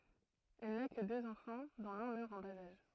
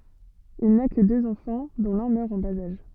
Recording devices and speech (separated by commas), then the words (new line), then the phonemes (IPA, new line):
throat microphone, soft in-ear microphone, read sentence
Il n'a que deux enfants, dont l'un meurt en bas âge.
il na kə døz ɑ̃fɑ̃ dɔ̃ lœ̃ mœʁ ɑ̃ baz aʒ